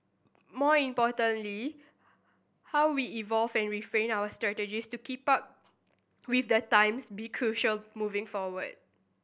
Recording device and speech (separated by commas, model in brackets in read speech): boundary microphone (BM630), read sentence